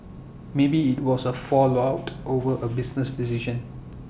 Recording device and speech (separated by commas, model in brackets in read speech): boundary microphone (BM630), read sentence